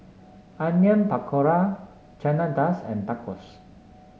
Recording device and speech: mobile phone (Samsung S8), read sentence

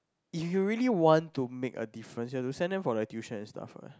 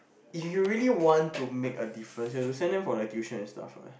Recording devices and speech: close-talking microphone, boundary microphone, conversation in the same room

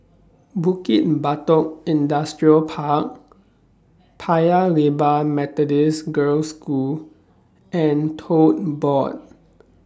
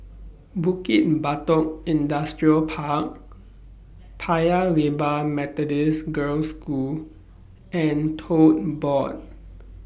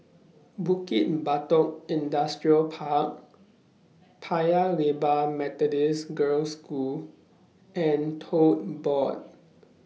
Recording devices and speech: standing microphone (AKG C214), boundary microphone (BM630), mobile phone (iPhone 6), read sentence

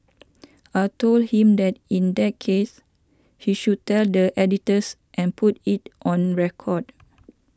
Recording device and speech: standing microphone (AKG C214), read sentence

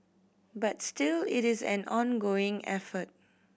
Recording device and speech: boundary microphone (BM630), read sentence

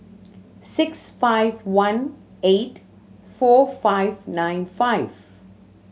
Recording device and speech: mobile phone (Samsung C7100), read sentence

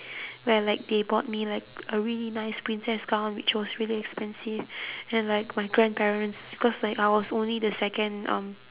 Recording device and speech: telephone, conversation in separate rooms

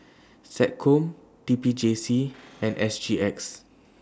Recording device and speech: standing microphone (AKG C214), read sentence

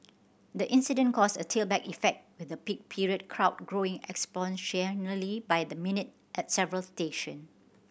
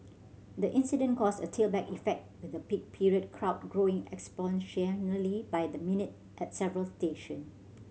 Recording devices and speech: boundary microphone (BM630), mobile phone (Samsung C7100), read sentence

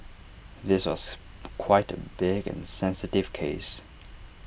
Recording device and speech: boundary microphone (BM630), read sentence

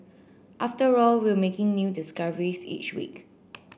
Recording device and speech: boundary microphone (BM630), read sentence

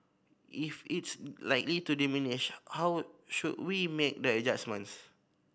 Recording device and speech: boundary microphone (BM630), read sentence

